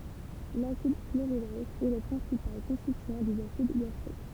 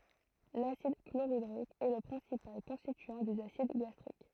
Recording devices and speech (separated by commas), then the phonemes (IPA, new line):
temple vibration pickup, throat microphone, read sentence
lasid kloʁidʁik ɛ lə pʁɛ̃sipal kɔ̃stityɑ̃ dez asid ɡastʁik